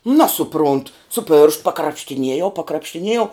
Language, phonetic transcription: Lithuanian, ˈnasuprunt su pėršt pakrapštiˈniejau pakrapštiˈniejau

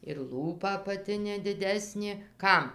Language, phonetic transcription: Lithuanian, ir ˈlūpa apaˈtinė diˈdesnė ˈkam

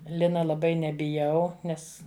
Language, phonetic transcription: Lithuanian, ˈlina laˈbai nebiˈjau ˈnes

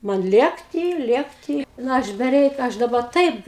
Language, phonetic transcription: Lithuanian, ˈman ˈlėkty ˈlėkty ˈna ˈaš beˈreik ˈaš daˈba ˈtaip

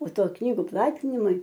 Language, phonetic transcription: Lithuanian, o ˈto ˈknygu ˈplatinimui

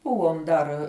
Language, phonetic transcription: Lithuanian, ˈbuvom dar

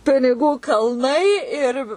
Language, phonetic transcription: Lithuanian, piniˈgų kalˈnai ir

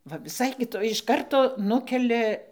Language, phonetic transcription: Lithuanian, ˈva viˈsai kiˈtoj iš ˈkarto ˈnukelia

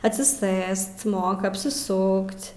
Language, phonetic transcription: Lithuanian, atsiˈsɘst ˈmoka apsiˈsuk't'

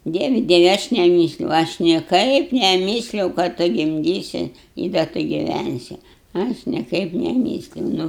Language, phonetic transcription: Lithuanian, ˈdievi ˈdievi aš neˈmysliau ˈaš nieˈkaip neˈmysliau ka ˈtu gimˈdysi i da ˈtu giˈvænsi ˈaš nieˈkaip neˈmysliau ˈnu

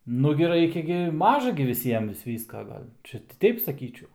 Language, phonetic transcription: Lithuanian, ˈnugi ˈraikia gi ˈmaža gi viˈsiem vis ˈvyska ˈgal' ˈčia ˈteip saˈkyčiau

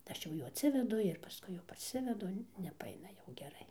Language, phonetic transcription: Lithuanian, ˈaš jau ˈjų atˈsivedu ir paˈskui jau parˈsivedu nepaˈaina jau geˈrai

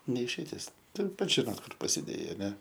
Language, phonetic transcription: Lithuanian, ne išeiˈtis ˈtur ˈpats žiˈnot ˈkur pasiˈdėjai aˈne

